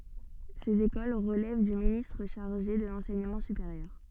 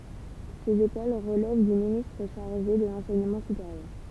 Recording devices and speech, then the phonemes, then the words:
soft in-ear microphone, temple vibration pickup, read sentence
sez ekol ʁəlɛv dy ministʁ ʃaʁʒe də lɑ̃sɛɲəmɑ̃ sypeʁjœʁ
Ces écoles relèvent du ministre chargé de l’enseignement supérieur.

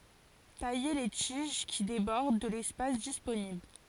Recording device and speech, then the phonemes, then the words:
forehead accelerometer, read sentence
taje le tiʒ ki debɔʁd də lɛspas disponibl
Tailler les tiges qui débordent de l'espace disponible.

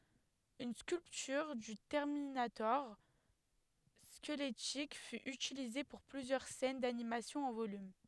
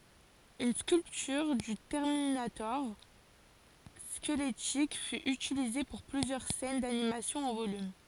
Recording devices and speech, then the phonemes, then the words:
headset microphone, forehead accelerometer, read sentence
yn skyltyʁ dy tɛʁminatɔʁ skəlɛtik fy ytilize puʁ plyzjœʁ sɛn danimasjɔ̃ ɑ̃ volym
Une sculpture du Terminator squelettique fut utilisée pour plusieurs scènes d'animation en volume.

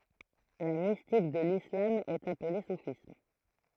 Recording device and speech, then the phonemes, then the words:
throat microphone, read sentence
la mistik də lislam ɛt aple sufism
La mystique de l'islam est appelée soufisme.

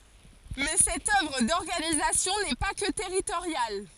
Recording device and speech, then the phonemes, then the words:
forehead accelerometer, read sentence
mɛ sɛt œvʁ dɔʁɡanizasjɔ̃ nɛ pa kə tɛʁitoʁjal
Mais cette œuvre d’organisation n’est pas que territoriale.

